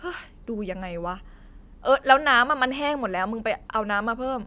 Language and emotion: Thai, frustrated